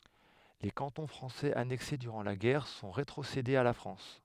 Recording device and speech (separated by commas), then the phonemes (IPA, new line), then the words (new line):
headset microphone, read sentence
le kɑ̃tɔ̃ fʁɑ̃sɛz anɛkse dyʁɑ̃ la ɡɛʁ sɔ̃ ʁetʁosedez a la fʁɑ̃s
Les cantons français annexés durant la guerre sont rétrocédés à la France.